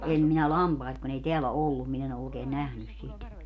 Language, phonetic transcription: Finnish, 'em minä "lampait kun ‿ei 'teälä "ollum min ‿en ‿o ookee "nähnys 'sit .
- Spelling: en minä lampaita kun ei täällä ollut minä en ole oikein nähnyt sitä

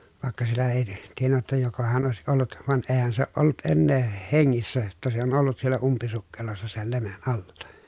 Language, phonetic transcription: Finnish, vàekka siellä èi , tiennä jotta jokohan òesiʼ ʼollut , van eehän se ooʼ ʼollut ennee , heŋŋissä jotta se on ollut siellä umpisukkelossa sel lemen ʼalla .
- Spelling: vaikka siellä ei tiennyt jotta jokohan olisi ollut vaan eihän se ole ollut enää hengissä jotta se on ollut siellä umpisukkelossa sen lemin alla

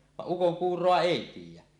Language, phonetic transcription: Finnish, vaˀ "ˀukoŋkuur̀oa 'èi 'tiij̆jä .
- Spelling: vaan ukonkuuroa ei tiedä

